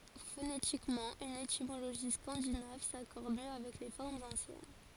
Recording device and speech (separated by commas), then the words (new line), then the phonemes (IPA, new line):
forehead accelerometer, read sentence
Phonétiquement une étymologie scandinave s'accorde mieux avec les formes anciennes.
fonetikmɑ̃ yn etimoloʒi skɑ̃dinav sakɔʁd mjø avɛk le fɔʁmz ɑ̃sjɛn